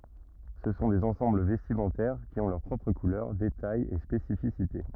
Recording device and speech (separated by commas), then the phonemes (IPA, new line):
rigid in-ear microphone, read sentence
sə sɔ̃ dez ɑ̃sɑ̃bl vɛstimɑ̃tɛʁ ki ɔ̃ lœʁ pʁɔpʁ kulœʁ detajz e spesifisite